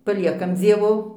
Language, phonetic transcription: Lithuanian, paˈliekam ˈdzievo

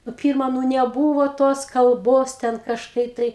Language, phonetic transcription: Lithuanian, nu ˈpirma nu neˈbūvo tos kalˈbos ten kažˈkai tai

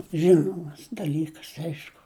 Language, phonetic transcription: Lithuanian, ˈžinomas daˈlykas ˈaišku

